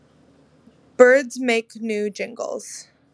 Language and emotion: English, fearful